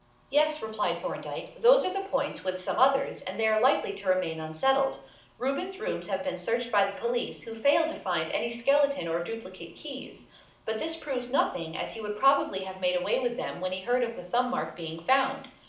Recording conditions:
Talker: one person; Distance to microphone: 2.0 m; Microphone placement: close; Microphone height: 99 cm; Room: medium-sized (5.7 m by 4.0 m); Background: none

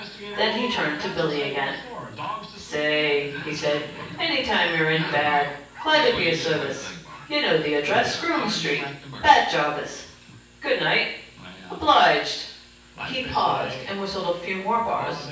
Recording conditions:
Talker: one person; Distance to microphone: 9.8 m; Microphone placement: far; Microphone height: 1.8 m; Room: large; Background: television

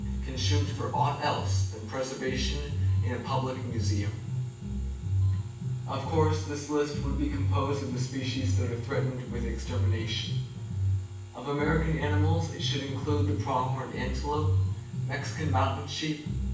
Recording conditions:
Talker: one person; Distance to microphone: 9.8 m; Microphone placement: far; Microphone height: 1.8 m; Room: large; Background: music

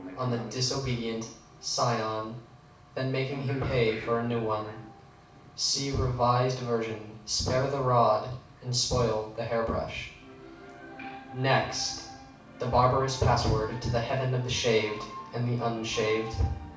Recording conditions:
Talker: one person; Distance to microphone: 5.8 m; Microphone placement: far; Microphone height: 1.8 m; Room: medium-sized (5.7 m by 4.0 m); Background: television

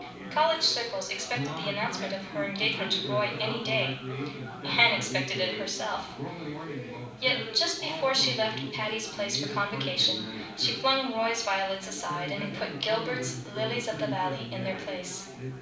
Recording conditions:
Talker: one person; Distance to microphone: 5.8 m; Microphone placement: far; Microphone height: 1.8 m; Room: medium-sized (5.7 m by 4.0 m); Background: babble

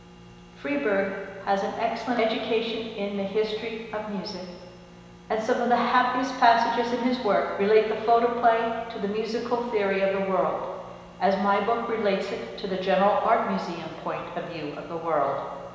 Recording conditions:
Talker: one person; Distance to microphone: 1.7 m; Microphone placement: close; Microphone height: 1.0 m; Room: very reverberant, large; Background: none

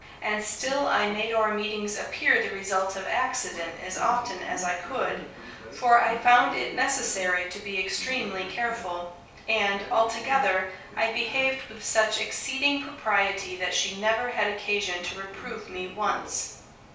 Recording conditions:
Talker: one person; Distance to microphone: 3.0 m; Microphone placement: far; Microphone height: 1.8 m; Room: small (3.7 m by 2.7 m); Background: television

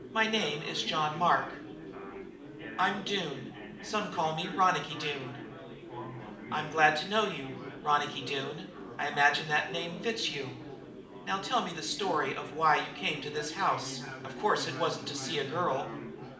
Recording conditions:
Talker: one person; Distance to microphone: 2.0 m; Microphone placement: close; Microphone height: 99 cm; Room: medium-sized (5.7 m by 4.0 m); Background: babble

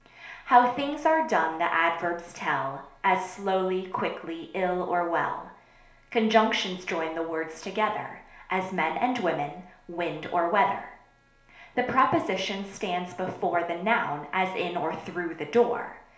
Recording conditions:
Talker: one person; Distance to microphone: 1.0 m; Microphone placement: close; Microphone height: 1.1 m; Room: small (3.7 m by 2.7 m); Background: none

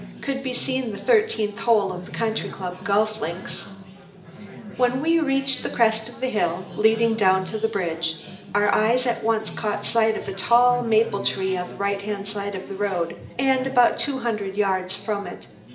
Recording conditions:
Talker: one person; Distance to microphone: 1.8 m; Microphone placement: close; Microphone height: 1.0 m; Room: large; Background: babble

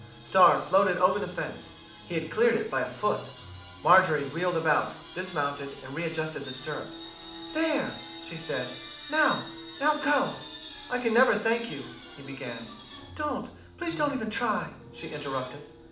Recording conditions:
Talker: one person; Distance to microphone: 2.0 m; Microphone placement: close; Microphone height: 99 cm; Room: medium-sized (5.7 m by 4.0 m); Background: television

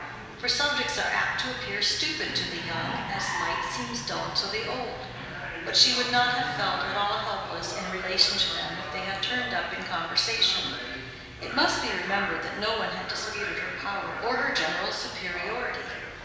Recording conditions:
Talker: one person; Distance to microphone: 1.7 m; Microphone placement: close; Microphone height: 1.0 m; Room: very reverberant, large; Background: television

